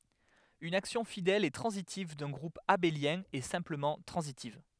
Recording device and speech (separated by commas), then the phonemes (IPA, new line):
headset microphone, read sentence
yn aksjɔ̃ fidɛl e tʁɑ̃zitiv dœ̃ ɡʁup abeljɛ̃ ɛ sɛ̃pləmɑ̃ tʁɑ̃zitiv